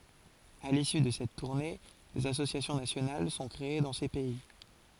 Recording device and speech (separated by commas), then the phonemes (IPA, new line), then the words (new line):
forehead accelerometer, read sentence
a lisy də sɛt tuʁne dez asosjasjɔ̃ nasjonal sɔ̃ kʁee dɑ̃ se pɛi
À l'issue de cette tournée, des associations nationales sont créées dans ces pays.